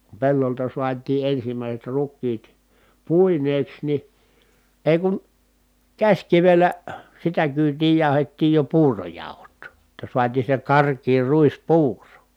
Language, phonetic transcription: Finnish, ku pellolta suatii ʼensimä̀iset ruk̆kiit , pùineeks ni , èi̮ kun , käśkivellä , sitä kyytii jàuhettiij jo puurojàuhu̬t , [jot]ta suatii se karkii ruispuuro .
- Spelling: kun pellolta saatiin ensimmäiset rukiit puineeksi niin ei kun käsikivellä sitä kyytiä jauhettiin jo puurojauhot jotta saatiin se karkea ruispuuro

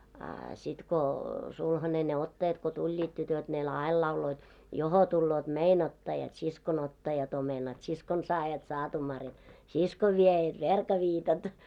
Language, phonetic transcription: Finnish, a sit ko , sulhane ne 'ottajat ko 'tuĺĺiit tytöt ne "l- ‿ail 'lauloit , » 'joho tulloot "mei'n ‿ottajat , 'siskon 'ottajat ‿omenat , 'siskon 'saajat 'saatumarjat , "siskov 'viejät "verka'viitat « .
- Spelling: a sitten kun sulhanen ne ottajat kun tulivat tytöt ne - aina lauloivat johon tulevat meidän ottajat siskon ottajat omenat siskon saajat saatumarjat siskon viejät verkaviitat

